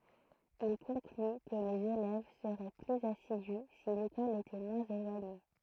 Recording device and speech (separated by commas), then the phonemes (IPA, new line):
throat microphone, read sentence
il kɔ̃kly kə lez elɛv səʁɛ plyz asidy si lekɔl etɛ mwɛ̃z elwaɲe